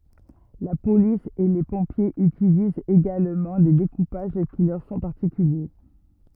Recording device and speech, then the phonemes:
rigid in-ear microphone, read sentence
la polis e le pɔ̃pjez ytilizt eɡalmɑ̃ de dekupaʒ ki lœʁ sɔ̃ paʁtikylje

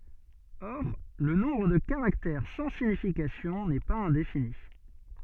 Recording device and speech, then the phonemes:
soft in-ear microphone, read sentence
ɔʁ lə nɔ̃bʁ də kaʁaktɛʁ sɑ̃ siɲifikasjɔ̃ nɛ paz ɛ̃defini

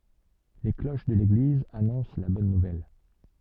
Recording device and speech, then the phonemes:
soft in-ear microphone, read sentence
le kloʃ də leɡliz anɔ̃s la bɔn nuvɛl

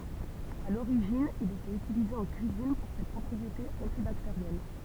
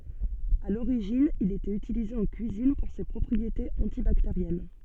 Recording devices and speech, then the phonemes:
temple vibration pickup, soft in-ear microphone, read sentence
a loʁiʒin il etɛt ytilize ɑ̃ kyizin puʁ se pʁɔpʁietez ɑ̃tibakteʁjɛn

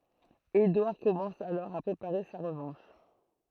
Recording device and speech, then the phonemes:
throat microphone, read sentence
edwaʁ kɔmɑ̃s alɔʁ a pʁepaʁe sa ʁəvɑ̃ʃ

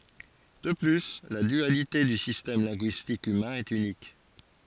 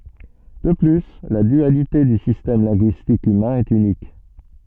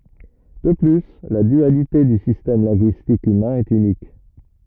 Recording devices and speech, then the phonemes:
forehead accelerometer, soft in-ear microphone, rigid in-ear microphone, read sentence
də ply la dyalite dy sistɛm lɛ̃ɡyistik ymɛ̃ ɛt ynik

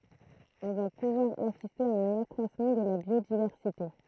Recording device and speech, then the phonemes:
throat microphone, read sentence
ɔ̃ va puvwaʁ asiste a œ̃n akʁwasmɑ̃ də la bjodivɛʁsite

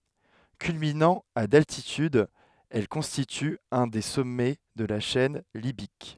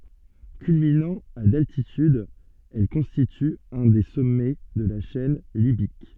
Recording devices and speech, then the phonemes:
headset microphone, soft in-ear microphone, read sentence
kylminɑ̃ a daltityd ɛl kɔ̃stity œ̃ de sɔmɛ də la ʃɛn libik

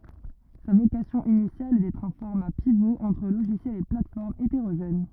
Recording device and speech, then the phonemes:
rigid in-ear microphone, read sentence
sa vokasjɔ̃ inisjal ɛ dɛtʁ œ̃ fɔʁma pivo ɑ̃tʁ loʒisjɛlz e platɛsfɔʁmz eteʁoʒɛn

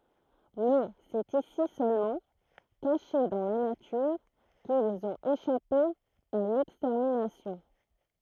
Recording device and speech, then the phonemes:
throat microphone, read sentence
mɛ sɛt isi sølmɑ̃ kaʃe dɑ̃ la natyʁ kilz ɔ̃t eʃape a lɛkstɛʁminasjɔ̃

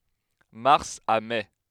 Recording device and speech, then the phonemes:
headset microphone, read sentence
maʁs a mɛ

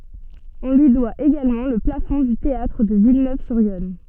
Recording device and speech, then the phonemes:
soft in-ear microphone, read sentence
ɔ̃ lyi dwa eɡalmɑ̃ lə plafɔ̃ dy teatʁ də vilnøvzyʁjɔn

